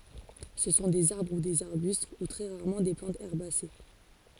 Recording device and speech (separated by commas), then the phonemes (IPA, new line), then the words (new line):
forehead accelerometer, read sentence
sə sɔ̃ dez aʁbʁ u dez aʁbyst u tʁɛ ʁaʁmɑ̃ de plɑ̃tz ɛʁbase
Ce sont des arbres ou des arbustes, ou très rarement des plantes herbacées.